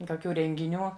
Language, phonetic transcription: Lithuanian, koˈkių rengiˈnių

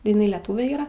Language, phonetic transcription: Lithuanian, iˈnai leˈtūve ˈyra

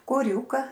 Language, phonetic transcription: Lithuanian, koˈriūka

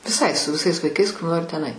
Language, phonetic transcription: Lithuanian, viˈsai su viˈsais vaiˈkais kur ˈnori ten ai

